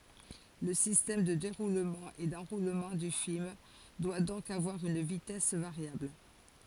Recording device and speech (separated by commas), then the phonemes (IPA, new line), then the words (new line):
forehead accelerometer, read sentence
lə sistɛm də deʁulmɑ̃ e dɑ̃ʁulmɑ̃ dy film dwa dɔ̃k avwaʁ yn vitɛs vaʁjabl
Le système de déroulement et d'enroulement du film doit donc avoir une vitesse variable.